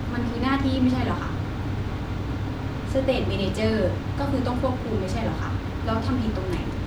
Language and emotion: Thai, frustrated